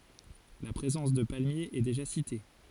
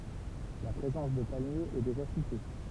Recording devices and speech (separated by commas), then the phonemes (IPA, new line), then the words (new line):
forehead accelerometer, temple vibration pickup, read sentence
la pʁezɑ̃s də palmjez ɛ deʒa site
La présence de palmiers est déjà citée.